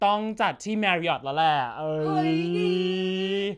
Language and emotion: Thai, happy